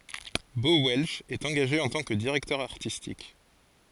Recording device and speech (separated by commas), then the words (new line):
forehead accelerometer, read sentence
Bo Welch est engagé en tant que directeur artistique.